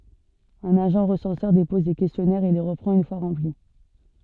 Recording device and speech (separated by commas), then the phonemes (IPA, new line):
soft in-ear microphone, read sentence
œ̃n aʒɑ̃ ʁəsɑ̃sœʁ depɔz le kɛstjɔnɛʁz e le ʁəpʁɑ̃t yn fwa ʁɑ̃pli